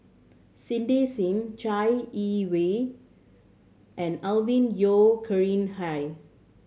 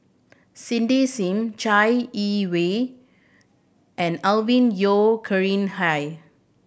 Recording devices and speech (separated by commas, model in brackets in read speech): mobile phone (Samsung C7100), boundary microphone (BM630), read sentence